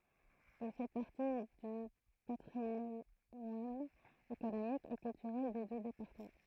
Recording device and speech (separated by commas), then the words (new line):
throat microphone, read sentence
Il fait partie du patrimoine économique et culturel des deux départements.